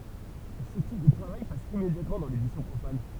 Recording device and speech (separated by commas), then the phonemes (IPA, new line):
temple vibration pickup, read sentence
sə tip də tʁavaj pas immedjatmɑ̃ dɑ̃ ledisjɔ̃ pʁofan